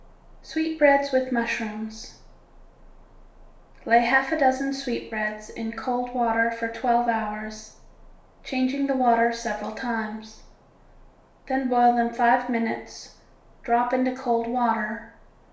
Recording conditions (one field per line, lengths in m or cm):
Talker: one person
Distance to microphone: 1.0 m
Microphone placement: close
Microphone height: 1.1 m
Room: small (3.7 m by 2.7 m)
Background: none